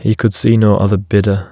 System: none